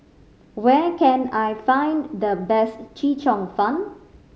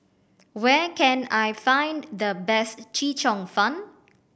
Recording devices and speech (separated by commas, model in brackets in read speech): mobile phone (Samsung C5010), boundary microphone (BM630), read sentence